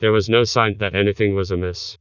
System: TTS, vocoder